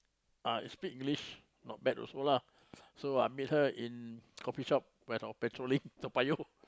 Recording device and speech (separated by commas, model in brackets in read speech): close-talking microphone, conversation in the same room